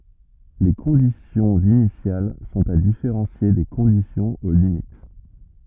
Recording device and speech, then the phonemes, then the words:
rigid in-ear microphone, read sentence
le kɔ̃disjɔ̃z inisjal sɔ̃t a difeʁɑ̃sje de kɔ̃disjɔ̃z o limit
Les conditions initiales sont à différencier des conditions aux limites.

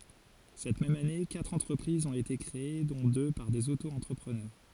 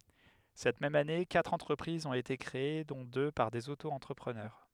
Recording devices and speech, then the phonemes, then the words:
forehead accelerometer, headset microphone, read sentence
sɛt mɛm ane katʁ ɑ̃tʁəpʁizz ɔ̃t ete kʁee dɔ̃ dø paʁ dez otoɑ̃tʁəpʁənœʁ
Cette même année, quatre entreprises ont été créées dont deux par des Auto-entrepreneurs.

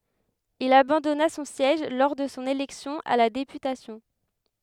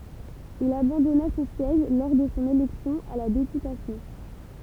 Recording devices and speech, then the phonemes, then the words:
headset microphone, temple vibration pickup, read sentence
il abɑ̃dɔna sɔ̃ sjɛʒ lɔʁ də sɔ̃ elɛksjɔ̃ a la depytasjɔ̃
Il abandonna son siège lors de son élection à la députation.

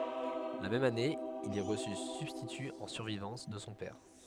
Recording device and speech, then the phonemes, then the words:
headset microphone, read sentence
la mɛm ane il ɛ ʁəsy sybstity ɑ̃ syʁvivɑ̃s də sɔ̃ pɛʁ
La même année, il est reçu substitut en survivance de son père.

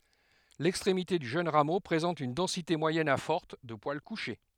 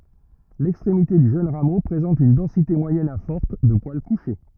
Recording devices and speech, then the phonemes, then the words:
headset microphone, rigid in-ear microphone, read sentence
lɛkstʁemite dy ʒøn ʁamo pʁezɑ̃t yn dɑ̃site mwajɛn a fɔʁt də pwal kuʃe
L'extrémité du jeune rameau présente une densité moyenne à forte de poils couchés.

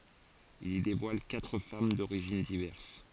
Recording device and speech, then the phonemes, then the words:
forehead accelerometer, read sentence
il i devwal katʁ fam doʁiʒin divɛʁs
Il y dévoile quatre femmes d'origines diverses.

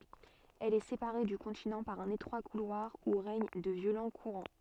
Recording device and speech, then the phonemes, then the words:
soft in-ear microphone, read sentence
ɛl ɛ sepaʁe dy kɔ̃tinɑ̃ paʁ œ̃n etʁwa kulwaʁ u ʁɛɲ də vjolɑ̃ kuʁɑ̃
Elle est séparée du continent par un étroit couloir où règnent de violents courants.

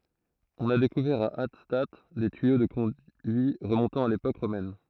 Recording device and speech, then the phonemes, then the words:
throat microphone, read sentence
ɔ̃n a dekuvɛʁ a atstat de tyijo də kɔ̃dyi ʁəmɔ̃tɑ̃ a lepok ʁomɛn
On a découvert à Hattstatt des tuyaux de conduits remontant à l'époque romaine.

